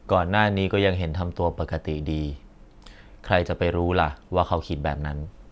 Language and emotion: Thai, neutral